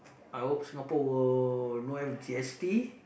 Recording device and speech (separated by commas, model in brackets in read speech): boundary microphone, conversation in the same room